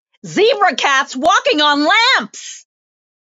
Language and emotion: English, happy